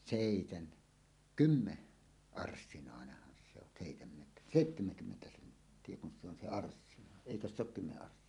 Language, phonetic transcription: Finnish, sèiten- , "kymme- , "-arssinàeneh̆han se ‿on sèitemmet- , "sèittemeŋkymmentä 'senttie kun se ‿on se "arssina , "èikös se ‿ok 'kymme’ ’arssináene .
- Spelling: - - seitsemänkymmenarssinainenhan se on - seitsemänkymmentä senttiä kun se on se arssina eikös se ole kymmenen arssinainen

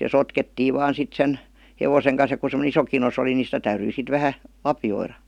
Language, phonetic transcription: Finnish, ja "sotkettiiv 'vaan 'sit 'sen , 'nevoseŋ kan̬s ja ku se-m°nᵉ 'iso kinos ‿oli ni 'sitä täyryi sit vähä , "lapjoira .
- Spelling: ja sotkettiin vain sitten sen hevosen kanssa ja kun semmoinen iso kinos oli niin sitä täytyi sitten vähän lapioida

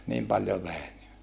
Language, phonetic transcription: Finnish, niim paljo vèi ni .
- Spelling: niin paljon vei niin

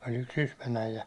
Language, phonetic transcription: Finnish, oĺ yks 'Sysmän äijä .
- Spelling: oli yksi Sysmän äijä

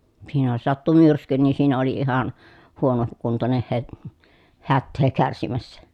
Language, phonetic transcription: Finnish, siinä jos sattu myrsky nii siinä oli ihan , huono- , -kuntoneh he- , hättee kärsimässä .
- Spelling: siinä jos sattui myrsky niin siinä oli ihan - huonokuntoinen - hätää kärsimässä

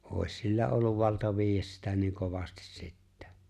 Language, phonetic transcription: Finnish, ’òi̬s 'sillä olluv 'valta 'viijjäs sitä niiŋ 'kovastis 'sittä .
- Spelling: olisi sillä ollut valta viedä sitä niin kovasti sitten

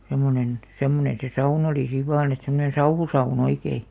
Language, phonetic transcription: Finnish, sem̆monen , 'semmoneḛ se 'saun ‿olì siv̆ 'vaan ‿et semmoneḛ "sauhusau'n ‿oikei .
- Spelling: semmoinen semmoinen se sauna oli siinä vain että semmoinen sauhusauna oikein

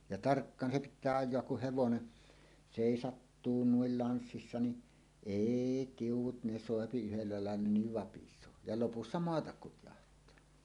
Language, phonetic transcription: Finnish, ja "tarkkaan 'se "pit̆tää 'aj̆joak kuh 'hevone , 'sèisattuu nuil ianssissa ni’ , "èi "tiuw̆wut 'ne "sòepi yhellä làella niv 'vapis̀oo , ja 'lopussa "moatak "kutjaht̀aa .
- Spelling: ja tarkkaan se pitää ajaa kun hevonen seisahtuu noin lanssissa niin ei tiu'ut ne soi yhdellä lailla niin vapisee ja lopussa maata kutjahtaa

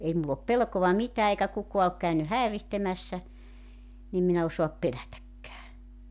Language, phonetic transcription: Finnish, 'ei mull ‿op "pelkova "mitää eikä 'kukoa ok käy- "häerihtemässä , nim 'min ‿e osoap 'pelätäkkää .
- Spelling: ei minulla ole pelkoa mitään eikä kukaan ole - häiritsemässä niin minä en osaa pelätäkään

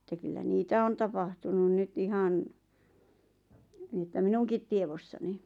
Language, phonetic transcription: Finnish, ᵉttä kyllä "niitä 'on tapahtunu 'nyt 'ihan , niⁱ ᵉttä "minuŋkit tievossani .
- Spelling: että kyllä niitä on tapahtunut nyt ihan niin että minunkin tiedossani

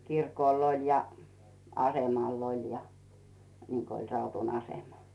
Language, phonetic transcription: Finnish, 'kirkòl ‿oĺ ja , 'asemàl ‿oĺ ja , niŋko oĺ Rautun 'asema .
- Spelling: kirkolla oli ja asemalla oli ja niin kuin oli Raudun asema

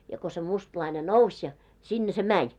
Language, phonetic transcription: Finnish, ja ko se 'mustlaine "nouś ja , 'sinne se "mäń .
- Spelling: ja kun se mustalainen nousi ja sinne se meni

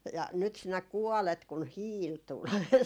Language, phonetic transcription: Finnish, » ja nyt sinä "kuɔlet » kun "hiil 'tul .
- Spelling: ja nyt sinä kuolet kun hiili tuli

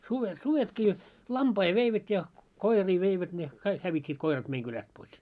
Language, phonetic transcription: Finnish, suvet 'suvetkii , "lampai veivät ja , "koirii veivät ne , 'kaik hävit́t́iit 'koirat 'meiŋ kyläst pois .
- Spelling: sudet sudetkin lampaita veivät ja koiria veivät ne kaikki hävittiin koirat meidän kylästä pois

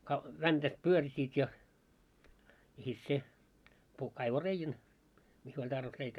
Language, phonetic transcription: Finnish, ka- , 'väntät 'pyörsiit ja , ja sit se , puhk kaivo 'reijän , miss ‿oĺ tarvis 'reikää .
- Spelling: - väntät pyörsivät ja ja sitten se puhki kaivoi reiän missä oli tarvis reikää

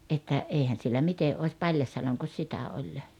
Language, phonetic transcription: Finnish, ’että , "èihän̬ siellä 'mite "òⁱs 'paĺjasjaloŋkos 'sitä oĺ .
- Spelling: että eihän siellä miten olisi paljasjaloinko sitä oli

